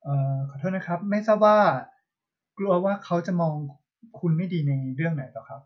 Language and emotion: Thai, neutral